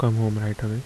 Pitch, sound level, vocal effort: 110 Hz, 74 dB SPL, soft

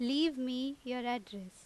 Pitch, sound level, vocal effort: 250 Hz, 88 dB SPL, very loud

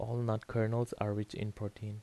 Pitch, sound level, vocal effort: 110 Hz, 79 dB SPL, soft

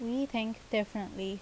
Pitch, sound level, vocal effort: 220 Hz, 81 dB SPL, normal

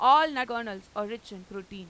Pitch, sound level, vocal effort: 210 Hz, 98 dB SPL, very loud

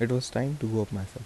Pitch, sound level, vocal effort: 120 Hz, 77 dB SPL, soft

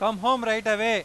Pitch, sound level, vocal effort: 220 Hz, 105 dB SPL, very loud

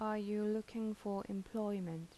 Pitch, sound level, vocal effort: 210 Hz, 81 dB SPL, soft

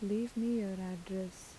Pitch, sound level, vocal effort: 195 Hz, 80 dB SPL, soft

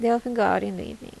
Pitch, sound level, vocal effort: 205 Hz, 81 dB SPL, soft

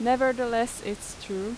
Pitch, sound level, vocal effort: 230 Hz, 88 dB SPL, loud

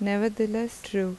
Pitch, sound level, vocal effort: 220 Hz, 79 dB SPL, soft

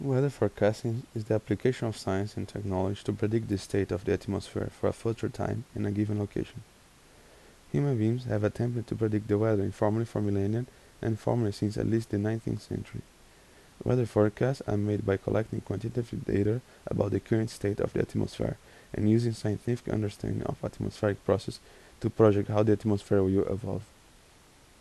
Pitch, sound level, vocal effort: 105 Hz, 79 dB SPL, soft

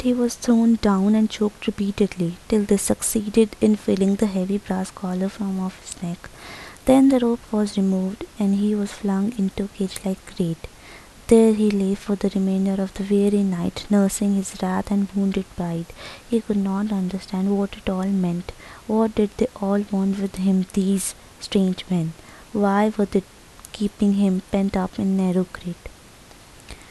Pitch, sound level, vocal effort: 200 Hz, 75 dB SPL, soft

